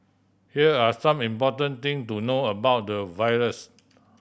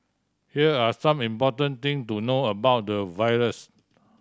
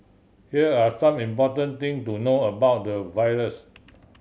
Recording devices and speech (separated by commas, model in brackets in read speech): boundary microphone (BM630), standing microphone (AKG C214), mobile phone (Samsung C7100), read sentence